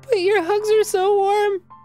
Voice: Falsetto